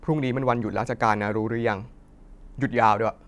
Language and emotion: Thai, frustrated